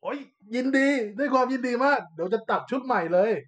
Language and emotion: Thai, happy